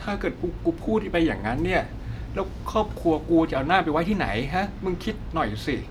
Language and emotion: Thai, sad